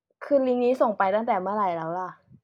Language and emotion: Thai, frustrated